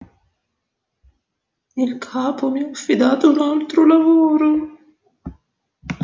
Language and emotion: Italian, sad